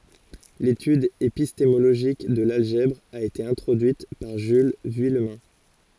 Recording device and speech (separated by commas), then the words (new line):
forehead accelerometer, read sentence
L'étude épistémologique de l'algèbre a été introduite par Jules Vuillemin.